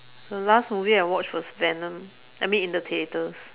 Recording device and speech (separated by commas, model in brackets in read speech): telephone, conversation in separate rooms